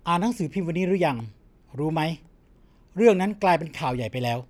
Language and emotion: Thai, neutral